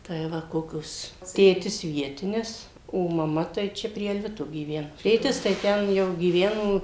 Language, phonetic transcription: Lithuanian, tai ˈva ˈkokios ˈtėtis ˈvietinis o maˈma tai ˈčia prie alˈvito gyˈvenu ˈtėtis tai ˈten jau gyˈveno

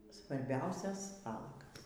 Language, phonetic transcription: Lithuanian, svarˈbiausias ˈvalagas

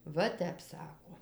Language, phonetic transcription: Lithuanian, ˈva ˈtep ˈsako

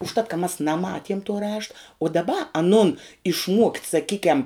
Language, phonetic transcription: Lithuanian, užˈtat ka mas naˈmatiem tuo ˈrašta u daˈba aˈnun išˈmuokt' saˈkykiam

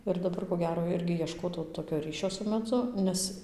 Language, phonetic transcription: Lithuanian, ir daˈbar ko ˈgero ˈirgi ieˈškotau tokio ˈryšio su meˈdzu ˈnes

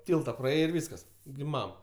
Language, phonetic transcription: Lithuanian, ˈtylta praˈėjai ir ˈvyskas gi ˈmam

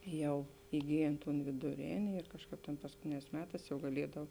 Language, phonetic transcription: Lithuanian, ˈjau iˈgyjėn ton vėduˈrėni ir ˈkažˌkāp tėn paskuˈtėnēs ˈmeˌtās jau gaˈliedav

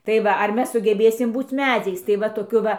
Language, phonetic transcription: Lithuanian, tai ˈva ar ˈmes sugeˈbėsim ˈbūc ˈmedziais tai ˈva toˈkiu ˈva

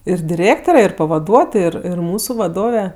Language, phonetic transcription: Lithuanian, ir diˈrėktore ir pavaˈduotoj ˈir ˈir ˈmūsu vaˈdove

